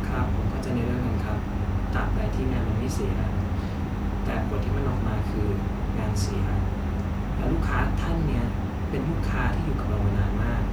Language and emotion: Thai, frustrated